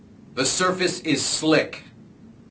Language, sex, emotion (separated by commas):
English, male, disgusted